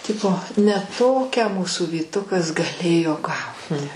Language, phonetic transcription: Lithuanian, ˈtipo ne ˈtokią ˈmūsų vyˈtukas gaˈlėjo ˈgauti

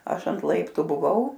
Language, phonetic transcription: Lithuanian, ˈaš ant ˈlaiptu ˈbuvau

